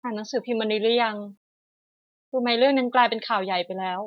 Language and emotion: Thai, frustrated